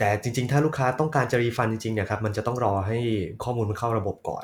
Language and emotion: Thai, neutral